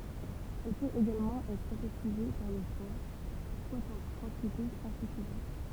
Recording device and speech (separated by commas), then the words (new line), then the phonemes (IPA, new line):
temple vibration pickup, read sentence
Elle peut également être synthétisée par le foie, quoiqu'en quantités insuffisantes.
ɛl pøt eɡalmɑ̃ ɛtʁ sɛ̃tetize paʁ lə fwa kwakɑ̃ kɑ̃titez ɛ̃syfizɑ̃t